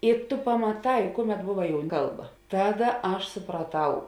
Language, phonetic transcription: Lithuanian, i ˈtu pamaˈtai ˈkuˌmet ˈbuva ˈkalˌba ˈtaˌda ˈaš supraˈtau

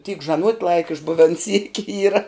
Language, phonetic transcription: Lithuanian, tyk žaˈnuot' ˈlaika išˈbuven syki ˈyra

